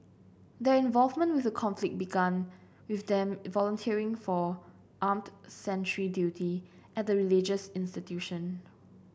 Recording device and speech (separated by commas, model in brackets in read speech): boundary microphone (BM630), read sentence